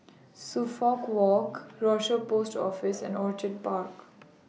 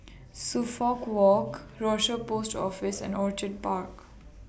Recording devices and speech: mobile phone (iPhone 6), boundary microphone (BM630), read sentence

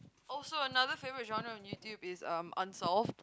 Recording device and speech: close-talking microphone, conversation in the same room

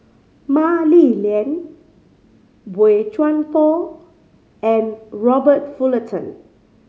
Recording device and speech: mobile phone (Samsung C5010), read sentence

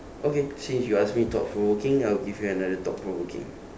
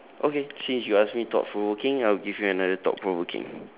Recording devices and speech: standing microphone, telephone, conversation in separate rooms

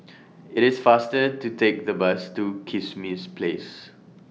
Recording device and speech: mobile phone (iPhone 6), read sentence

